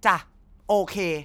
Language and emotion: Thai, frustrated